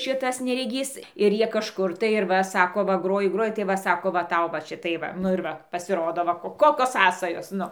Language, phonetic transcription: Lithuanian, ˈšitas nereˈgys ir ˈjie kažˈkur tai ir ˈva ˈsako va ˈgroji ˈgroji tai ˈva ˈsako va ˈtau va ˈšitai ˈva nu ir ˈva pasiˈrodo ˈva ˈkokios ˈsąsajos ˈnu

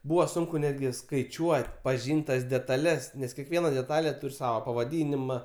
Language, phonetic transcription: Lithuanian, ˈbūva ˈsunku ˈnetgi skaiˈčiuot' paˈžyn't' tas detaˈles nes keˈkviena deˈtalė ˈtūr' ˈsava pavaˈdynima

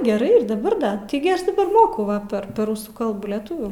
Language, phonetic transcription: Lithuanian, geˈrai daˈbar da ˈtaigi ˈaš daˈbar ˈmokau ˈva per per ˈrusų ˈkalbų leˈtuvių

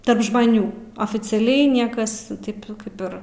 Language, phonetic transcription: Lithuanian, ˈtarp žmaˈnių oficiaˈliai ˈniekas ˈtaip ˈkaip ir

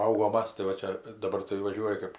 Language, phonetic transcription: Lithuanian, paˈaugom ˈmas tai va ˈčia daˈbar tai vaˈžiuoji kɜp

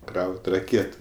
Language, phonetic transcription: Lithuanian, ˈkraut' raˈkėtu

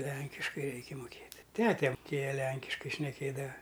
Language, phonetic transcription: Lithuanian, ˈlenkiškai ˈreiki muˈkėt' ˈtete muˈkėja ˈlenkiškai šneˈkėdava

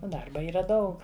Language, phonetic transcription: Lithuanian, ˈdarba ˈyra ˈdaug

